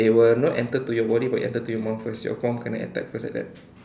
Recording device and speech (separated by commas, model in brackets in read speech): standing microphone, conversation in separate rooms